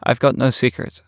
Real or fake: real